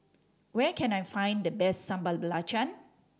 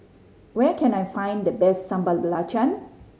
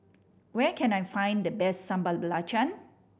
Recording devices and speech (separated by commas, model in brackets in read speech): standing microphone (AKG C214), mobile phone (Samsung C5010), boundary microphone (BM630), read sentence